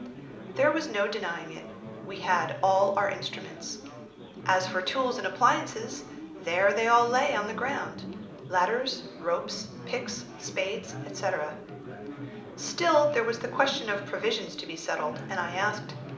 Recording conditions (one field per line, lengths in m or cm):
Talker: one person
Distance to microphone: 2.0 m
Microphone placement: close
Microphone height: 99 cm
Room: medium-sized (5.7 m by 4.0 m)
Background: babble